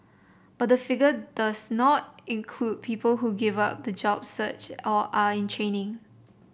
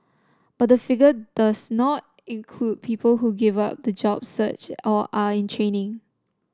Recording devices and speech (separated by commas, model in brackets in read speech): boundary microphone (BM630), standing microphone (AKG C214), read sentence